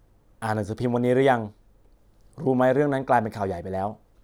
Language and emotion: Thai, neutral